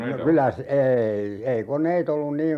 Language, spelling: Finnish, no kyllä - ei ei koneita ollut niin
- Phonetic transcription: no 'kylä s- , 'eei , ei "koǹeit ‿ollun 'niin ,.

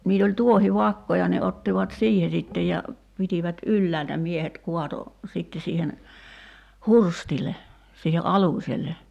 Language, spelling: Finnish, niillä oli tuohivakkoja ne ottivat siihen sitten ja pitivät ylhäältä miehet kaatoi sitten siihen hurstille siihen aluselle
- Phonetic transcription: niil ‿oĺ 'tuohi'vakkoja ne 'ottivat "siihe sittej ja , 'pitivät "ylläältä 'miehet 'kuato , 'sitte siihen , "hurstile , siihe '’alùśel̆le .

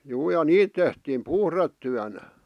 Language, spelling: Finnish, juu ja niitä tehtiin puhdetyönä
- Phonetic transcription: juu ja "niit tehtiim "puhrettyänä .

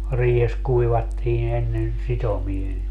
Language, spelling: Finnish, riihessä kuivattiin ennen sitomia
- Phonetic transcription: 'riihes 'kuivattiin ‿ennen , "sitomie .

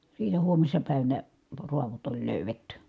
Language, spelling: Finnish, siitä huomisena päivänä raadot oli löydetty
- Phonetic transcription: sii(t)ä huommissa pä̀i̮vänä , ruavot ‿oĺ lö̀yvetty .

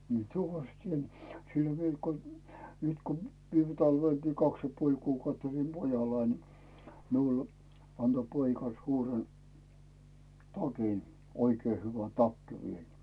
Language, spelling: Finnish, minä tuvassa teen siellä vielä kun nyt kun viime talvellakin kaksi ja puoli kuukautta olin pojallani niin minulle antoi poika suuren takin oikein hyvä takki vielä
- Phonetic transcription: mie , tuvas t́ien , siel 'viel ko , nyt ko , 'viime talvelkii 'kaks ja puoĺ kuukautt ‿olim 'pojallain ni , miul , anto poika suuren , 'takin , 'oikee hyvä "takki viel .

